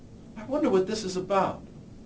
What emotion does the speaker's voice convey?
fearful